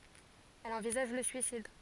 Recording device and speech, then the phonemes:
forehead accelerometer, read sentence
ɛl ɑ̃vizaʒ lə syisid

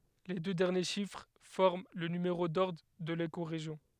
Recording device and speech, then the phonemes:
headset microphone, read sentence
le dø dɛʁnje ʃifʁ fɔʁm lə nymeʁo dɔʁdʁ də lekoʁeʒjɔ̃

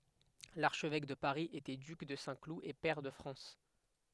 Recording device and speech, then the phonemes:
headset microphone, read sentence
laʁʃvɛk də paʁi etɛ dyk də sɛ̃klu e pɛʁ də fʁɑ̃s

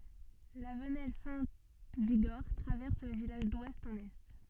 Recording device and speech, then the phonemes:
soft in-ear microphone, read sentence
la vənɛl sɛ̃ viɡɔʁ tʁavɛʁs lə vilaʒ dwɛst ɑ̃n ɛ

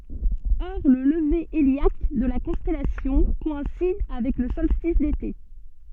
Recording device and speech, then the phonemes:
soft in-ear microphone, read sentence
ɔʁ lə ləve eljak də la kɔ̃stɛlasjɔ̃ kɔɛ̃sid avɛk lə sɔlstis dete

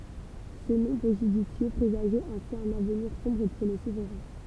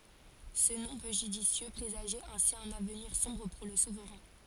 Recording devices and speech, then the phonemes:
temple vibration pickup, forehead accelerometer, read sentence
sə nɔ̃ pø ʒydisjø pʁezaʒɛt ɛ̃si œ̃n avniʁ sɔ̃bʁ puʁ lə suvʁɛ̃

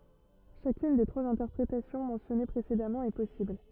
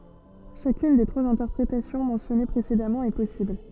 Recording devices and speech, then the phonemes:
rigid in-ear microphone, soft in-ear microphone, read sentence
ʃakyn de tʁwaz ɛ̃tɛʁpʁetasjɔ̃ mɑ̃sjɔne pʁesedamɑ̃ ɛ pɔsibl

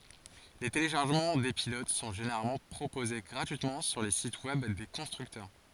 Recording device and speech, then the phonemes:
forehead accelerometer, read sentence
le teleʃaʁʒəmɑ̃ de pilot sɔ̃ ʒeneʁalmɑ̃ pʁopoze ɡʁatyitmɑ̃ syʁ le sit wɛb de kɔ̃stʁyktœʁ

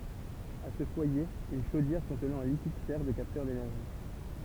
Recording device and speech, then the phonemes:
temple vibration pickup, read sentence
a sə fwaje yn ʃodjɛʁ kɔ̃tnɑ̃ œ̃ likid sɛʁ də kaptœʁ denɛʁʒi

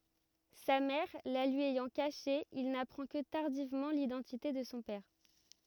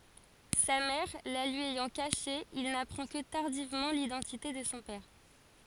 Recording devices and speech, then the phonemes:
rigid in-ear microphone, forehead accelerometer, read sentence
sa mɛʁ la lyi ɛjɑ̃ kaʃe il napʁɑ̃ kə taʁdivmɑ̃ lidɑ̃tite də sɔ̃ pɛʁ

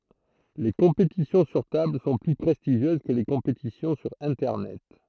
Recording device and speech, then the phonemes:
throat microphone, read sentence
le kɔ̃petisjɔ̃ syʁ tabl sɔ̃ ply pʁɛstiʒjøz kə le kɔ̃petisjɔ̃ syʁ ɛ̃tɛʁnɛt

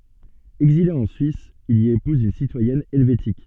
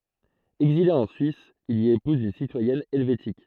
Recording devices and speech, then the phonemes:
soft in-ear microphone, throat microphone, read sentence
ɛɡzile ɑ̃ syis il i epuz yn sitwajɛn ɛlvetik

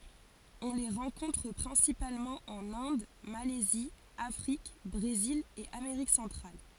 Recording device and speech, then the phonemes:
forehead accelerometer, read sentence
ɔ̃ le ʁɑ̃kɔ̃tʁ pʁɛ̃sipalmɑ̃ ɑ̃n ɛ̃d malɛzi afʁik bʁezil e ameʁik sɑ̃tʁal

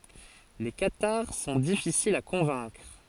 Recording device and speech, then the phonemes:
forehead accelerometer, read sentence
le kataʁ sɔ̃ difisilz a kɔ̃vɛ̃kʁ

